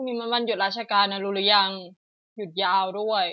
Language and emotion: Thai, neutral